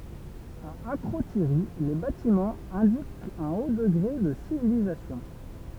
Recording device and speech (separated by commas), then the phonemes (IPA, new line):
temple vibration pickup, read sentence
a akʁotiʁi le batimɑ̃z ɛ̃dikt œ̃ o dəɡʁe də sivilizasjɔ̃